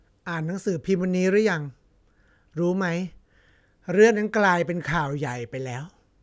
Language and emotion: Thai, neutral